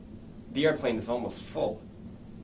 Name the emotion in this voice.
neutral